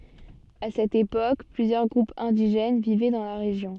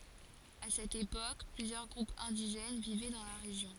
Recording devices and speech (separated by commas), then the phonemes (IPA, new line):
soft in-ear microphone, forehead accelerometer, read sentence
a sɛt epok plyzjœʁ ɡʁupz ɛ̃diʒɛn vivɛ dɑ̃ la ʁeʒjɔ̃